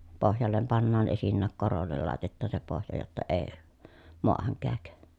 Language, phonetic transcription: Finnish, pohjallem pannaan esinnääk korollel làetettaa se pohja jotta ee , moahaŋ kääk .
- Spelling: pohjalle pannaan esinnäkin korolle laitetaan se pohja jotta ei maahan käy

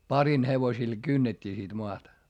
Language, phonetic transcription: Finnish, parin hevosil kynnet́t́ii sit moata .
- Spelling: parin hevosilla kynnettiin sitten maata

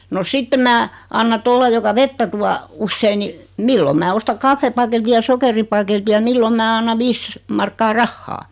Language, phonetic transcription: Finnish, no 'sitte mää , anna 'tolia joka 'vettä tua , 'ussei ni , 'milloᵐ mää 'osta "kaffepaketi ja "sokeripaketi ja 'millom mää 'anna "viis , markkaa "rahhaa .
- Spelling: no sitten minä annan tuolle joka vettä tuo usein niin milloin minä ostan kahvipaketin ja sokeripaketin ja milloin minä annan viisi markkaa rahaa

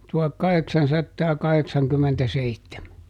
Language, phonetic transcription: Finnish, ˈtuhakˈkaheksansattaaˈkaheksaŋkymmentäˈseittemä .
- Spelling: tuhatkahdeksansataakahdeksankymmentäseitsemän

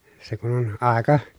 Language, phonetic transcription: Finnish, se kun ‿on àeka ,.
- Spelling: se kun on aika

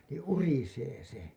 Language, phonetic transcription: Finnish, nii "urisee "se .
- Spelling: niin urisee se

